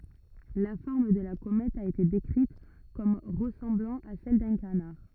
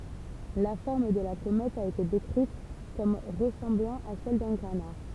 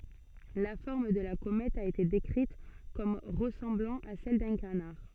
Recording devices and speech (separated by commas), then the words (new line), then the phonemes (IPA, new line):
rigid in-ear microphone, temple vibration pickup, soft in-ear microphone, read sentence
La forme de la comète a été décrite comme ressemblant à celle d'un canard.
la fɔʁm də la komɛt a ete dekʁit kɔm ʁəsɑ̃blɑ̃ a sɛl dœ̃ kanaʁ